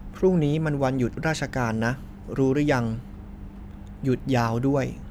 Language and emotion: Thai, neutral